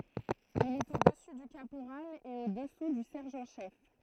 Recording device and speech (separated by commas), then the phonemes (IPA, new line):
throat microphone, read sentence
il ɛt o dəsy dy kapoʁal e o dəsu dy sɛʁʒɑ̃ ʃɛf